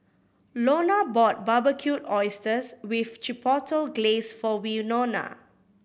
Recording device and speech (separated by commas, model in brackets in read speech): boundary microphone (BM630), read sentence